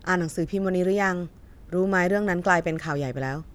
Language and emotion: Thai, neutral